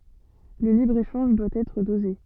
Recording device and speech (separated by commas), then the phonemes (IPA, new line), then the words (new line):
soft in-ear microphone, read sentence
lə libʁəeʃɑ̃ʒ dwa ɛtʁ doze
Le libre-échange doit être dosé.